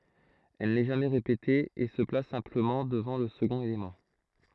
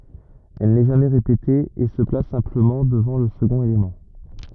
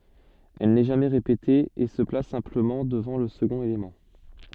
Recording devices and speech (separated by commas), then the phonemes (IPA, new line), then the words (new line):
throat microphone, rigid in-ear microphone, soft in-ear microphone, read sentence
ɛl nɛ ʒamɛ ʁepete e sə plas sɛ̃pləmɑ̃ dəvɑ̃ lə səɡɔ̃t elemɑ̃
Elle n'est jamais répétée, et se place simplement devant le second élément.